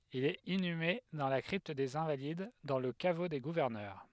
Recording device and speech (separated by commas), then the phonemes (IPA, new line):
headset microphone, read sentence
il ɛt inyme dɑ̃ la kʁipt dez ɛ̃valid dɑ̃ lə kavo de ɡuvɛʁnœʁ